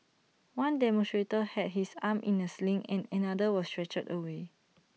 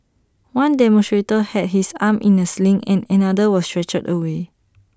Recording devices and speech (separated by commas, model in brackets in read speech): mobile phone (iPhone 6), standing microphone (AKG C214), read sentence